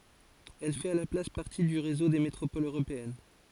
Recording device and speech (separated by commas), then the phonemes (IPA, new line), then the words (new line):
forehead accelerometer, read sentence
ɛl fɛt a la plas paʁti dy ʁezo de metʁopolz øʁopeɛn
Elle fait à la place partie du réseau des métropoles européennes.